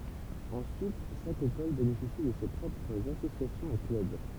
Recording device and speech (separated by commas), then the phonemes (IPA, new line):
temple vibration pickup, read sentence
ɑ̃syit ʃak ekɔl benefisi də se pʁɔpʁz asosjasjɔ̃z e klœb